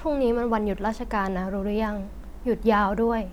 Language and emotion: Thai, sad